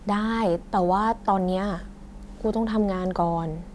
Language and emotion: Thai, frustrated